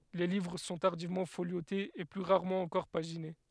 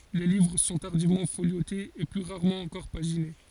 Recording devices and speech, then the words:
headset microphone, forehead accelerometer, read sentence
Les livres sont tardivement foliotés, et plus rarement encore paginés.

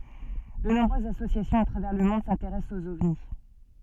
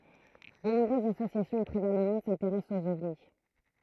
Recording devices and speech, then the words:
soft in-ear microphone, throat microphone, read sentence
De nombreuses associations à travers le monde s'intéressent aux ovnis.

